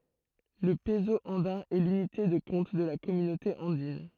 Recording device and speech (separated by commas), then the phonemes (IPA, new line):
throat microphone, read sentence
lə pəzo ɑ̃dɛ̃ ɛ lynite də kɔ̃t də la kɔmynote ɑ̃din